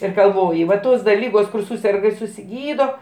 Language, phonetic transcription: Lithuanian, ir galˈvoji va ˈtos da ˈlygos kur ˈsūserga ir susiˈgydo

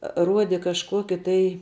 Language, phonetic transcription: Lithuanian, ˈruode kažˈkuoki tai

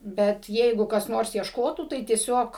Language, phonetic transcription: Lithuanian, ˈbet ˈjeigu kas ˈnors iešˈkotų tai tieˈsiog

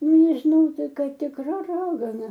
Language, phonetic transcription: Lithuanian, nežiˈnau ˈtai ˈkai tikˈra ˈragana

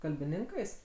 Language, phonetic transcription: Lithuanian, kalbiˈninkais

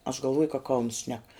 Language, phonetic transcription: Lithuanian, aš galˈvoju ka kauns šnek

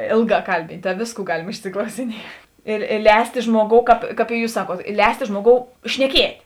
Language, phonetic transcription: Lithuanian, ˈėlˌgā ˈkalbynt' ta ˈvėsˌkų ˈgalim išsiklausiˈniet i i ˈlēstė ˈžmuoˌgou kāp kap i ˈjūs ˈsaˌkuot ˈlēstė ˈžmuoˌgou šneˈkiet'

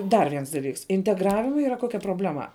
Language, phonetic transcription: Lithuanian, ˈdar ˈviens daˈlyks integˈravima ˈyra ˈkokia probleˈma

